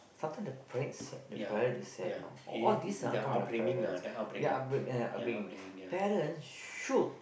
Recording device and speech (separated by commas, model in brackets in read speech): boundary microphone, conversation in the same room